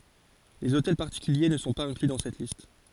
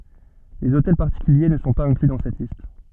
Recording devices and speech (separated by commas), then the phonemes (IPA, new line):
forehead accelerometer, soft in-ear microphone, read sentence
lez otɛl paʁtikylje nə sɔ̃ paz ɛ̃kly dɑ̃ sɛt list